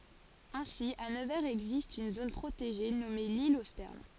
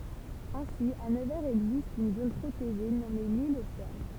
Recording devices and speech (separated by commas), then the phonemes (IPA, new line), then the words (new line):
forehead accelerometer, temple vibration pickup, read sentence
ɛ̃si a nəvɛʁz ɛɡzist yn zon pʁoteʒe nɔme lil o stɛʁn
Ainsi à Nevers existe une zone protégée nommée l'île aux Sternes.